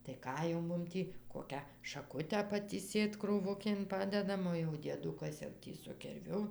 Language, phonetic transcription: Lithuanian, tai ˈką jau ˈmum tį ˈkokią šaˈkutę patįˈsėt krūˈvukėn ˈpadedam o jau dieˈdukas jau ˈtį su kirˈviu

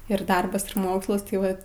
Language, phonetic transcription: Lithuanian, ir ˈdarbas ir ˈmokslas tai ˈva

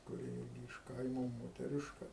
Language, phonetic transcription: Lithuanian, kuˈri ˈirgi iš ˈkaimo moteˈriška

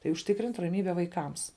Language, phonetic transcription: Lithuanian, tai užˈtikrint' raˈmybe vaiˈkams

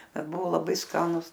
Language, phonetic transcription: Lithuanian, ˈbet ˈbuvo laˈbai ˈskanus

